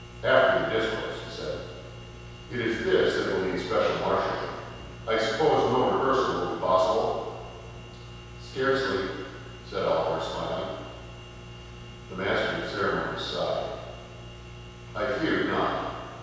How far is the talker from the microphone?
7.1 m.